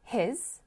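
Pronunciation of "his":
'He's' is said in a very short weak form here, so it sounds like 'his'.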